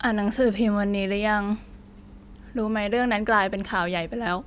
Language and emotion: Thai, frustrated